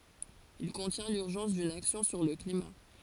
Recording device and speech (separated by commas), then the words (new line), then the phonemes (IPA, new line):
forehead accelerometer, read sentence
Il contient l’urgence d’une action sur le climat.
il kɔ̃tjɛ̃ lyʁʒɑ̃s dyn aksjɔ̃ syʁ lə klima